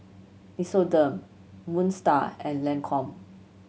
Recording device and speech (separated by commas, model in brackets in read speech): mobile phone (Samsung C7100), read sentence